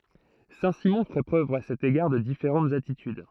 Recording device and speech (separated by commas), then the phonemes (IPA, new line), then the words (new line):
throat microphone, read sentence
sɛ̃tsimɔ̃ fɛ pʁøv a sɛt eɡaʁ də difeʁɑ̃tz atityd
Saint-Simon fait preuve à cet égard de différentes attitudes.